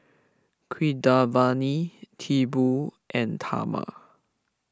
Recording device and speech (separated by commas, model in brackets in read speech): close-talking microphone (WH20), read sentence